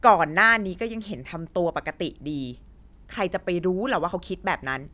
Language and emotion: Thai, frustrated